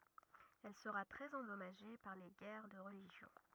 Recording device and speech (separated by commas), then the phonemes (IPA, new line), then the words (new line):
rigid in-ear microphone, read sentence
ɛl səʁa tʁɛz ɑ̃dɔmaʒe paʁ le ɡɛʁ də ʁəliʒjɔ̃
Elle sera très endommagée par les guerres de religion.